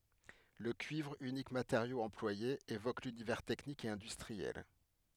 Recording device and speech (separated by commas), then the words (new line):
headset microphone, read sentence
Le cuivre, unique matériau employé, évoque l'univers technique et industriel.